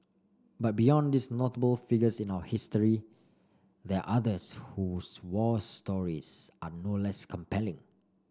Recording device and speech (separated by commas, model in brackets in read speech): standing microphone (AKG C214), read sentence